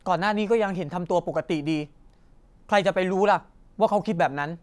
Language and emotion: Thai, frustrated